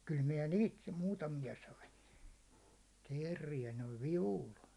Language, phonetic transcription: Finnish, kyl miɛ "niit , 'muutamija sain̬ , 'teerrijä noiv "vivul .
- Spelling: kyllä minä niitä muutamia sain teeriä noin vivulla

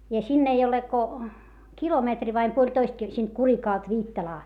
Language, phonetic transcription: Finnish, ja sinn ‿ei ole ko , kilometri vaim puoĺtoist kil - sìnt Kurikàlt Viittalaa .
- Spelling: ja sinne ei ole kuin kilometri vai puolitoista - siitä Kurikalta Viittalaan

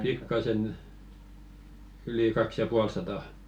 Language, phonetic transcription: Finnish, "pikkasen , yli 'kaks ja "pual satà .
- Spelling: pikkaisen yli kaksi ja puoli sataa

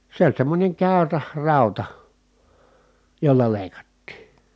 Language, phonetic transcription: Finnish, se ‿oĺ semmońeŋ kä̀yrä , ràuta , jolla lèi̮kattii .
- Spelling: se oli semmoinen käyrä rauta jolla leikattiin

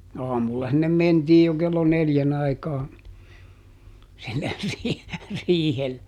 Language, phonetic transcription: Finnish, ˈaamulla sinnem ˈmentiij jo ˈkello "neljän ‿aikaa , sinner riihe- , ˈriihel[le] .
- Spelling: aamulla sinne mentiin jo kello neljän aikaan sinne - riihelle

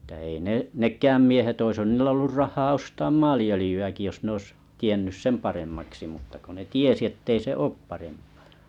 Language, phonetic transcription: Finnish, [et]tä ei ne-’ 'nek̆kääm miehet oishan niillᵊ ollur 'rah̆nhaa 'ostaam "maali₍ölⁱjy₍äki jos ne 'ois , 'tiennys "sem paremmaksi mutta ko ne "tiesi ettei 'se "oop parempᴀᴀ .
- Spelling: että ei - nekään miehet olisihan niillä ollut rahaa ostaa maaliöljyäkin jos ne olisi tiennyt sen paremmaksi mutta kun ne tiesi että ei se ole parempaa

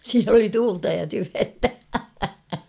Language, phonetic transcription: Finnish, 'siin ‿oli "tuulta ja "tyventä !
- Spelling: siinä oli tuulta ja tyventä

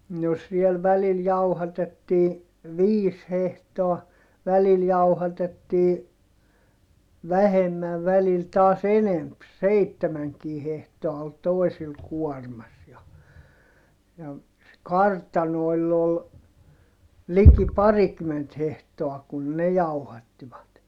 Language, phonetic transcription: Finnish, no siel välil jauhatettii , viis hehtoa , välil jauhatettii , vähemmäv välil taas ‿enemp - seittemäŋkii hehtoa ol toi̮sil kuɔrmas ja , ja , se kartanoi̮ll ‿ol , liki parikymment hehtoa kun ne jauhattivat .
- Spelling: no siellä välillä jauhatettiin viisi hehtoa välillä jauhatettiin vähemmän välillä taas enempi seitsemänkin hehtoa oli toisilla kuormassa ja ja se kartanoilla oli liki parikymmentä hehtoa kun ne jauhattivat

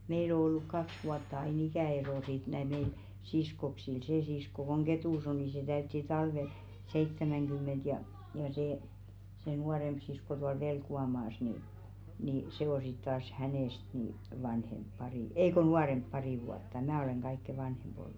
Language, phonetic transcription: Finnish, 'meil ‿o olluk 'kaks vuatta ai'n ‿ikä̀'ero sit näi(l) 'meil , "siskoksil see 'sisko koŋ "Getùs ‿o ni se 'täytti "talvel , 'seittämäŋɢym̆ment ja , ja see , se 'nuaremʙ sisko tual 'Velku₍amaas ni , nì se o sit taas 'hänèst ni , 'vanhemp 'parì , "ei ko "nuaremp 'parì vuatta 'mää olèŋ 'ɢaikke "vanhemʙ ‿ollu .
- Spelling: meillä on ollut kaksi vuotta aina ikäero sitten näillä meillä siskoksilla se sisko kun Ketussa on niin se täytti talvella seitsemänkymmentä ja ja se se nuorempi sisko tuolla Velkuanmaassa niin niin se on sitten taas hänestä niin vanhempi pari ei kun nuorempi pari vuotta minä olen kaikkein vanhin ollut

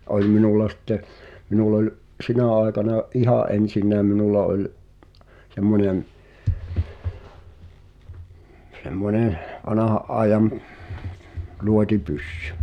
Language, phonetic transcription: Finnish, '’oĺ minulla sⁱtte , 'minul̆l ‿oĺ , "’sinä̀ àekana , "’ihà’ '’ensinääm minulla oĺ , 'semmońem , 'semmonèh , "vanaha’ ’aejam , "luoti'pyssʏ .
- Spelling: oli minulla sitten minulla oli sinä aikana ihan ensinnäkin minulla oli semmoinen semmoinen vanhan ajan luotipyssy

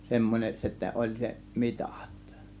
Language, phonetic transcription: Finnish, 'semmon͕eˀ , sittä 'oĺ 'se , "mitÀt .
- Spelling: semmoinen sitten oli se mitat

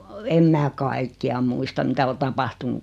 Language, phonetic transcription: Finnish, 'em mää 'kaikki₍a muista 'mitä o 'tapahtunu .
- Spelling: en minä kaikkia muista mitä on tapahtunut

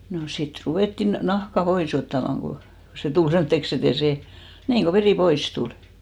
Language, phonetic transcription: Finnish, no sit 'ruvèttin 'nahka "pois ‿ottamaŋ ɢo , 'se tul 'semtteks ‿e't ‿ei s'e , 'niiŋ ɢo 'verì "pois tul .
- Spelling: no sitten ruvettiin nahkaa pois ottamaan kun se tuli semmoiseksi että ei se niin kun veri pois tuli

